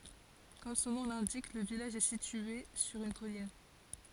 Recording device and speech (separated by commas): forehead accelerometer, read sentence